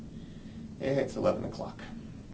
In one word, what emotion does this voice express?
neutral